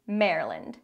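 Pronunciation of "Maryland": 'Maryland' is said super fast, with one syllable cut out, so it sounds like just two syllables.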